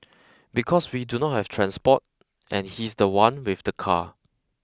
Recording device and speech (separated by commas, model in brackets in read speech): close-talking microphone (WH20), read sentence